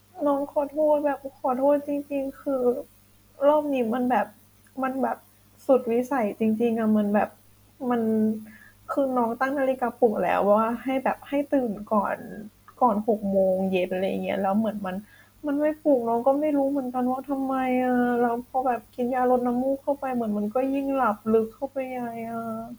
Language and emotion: Thai, sad